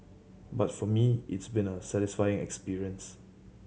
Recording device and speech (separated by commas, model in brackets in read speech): mobile phone (Samsung C7100), read sentence